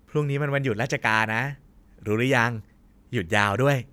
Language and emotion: Thai, happy